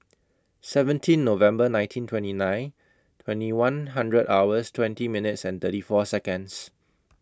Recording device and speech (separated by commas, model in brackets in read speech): close-talking microphone (WH20), read sentence